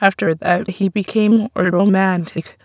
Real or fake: fake